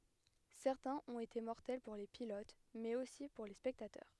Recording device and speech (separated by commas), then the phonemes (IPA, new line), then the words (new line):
headset microphone, read sentence
sɛʁtɛ̃z ɔ̃t ete mɔʁtɛl puʁ le pilot mɛz osi puʁ le spɛktatœʁ
Certains ont été mortels pour les pilotes, mais aussi pour les spectateurs.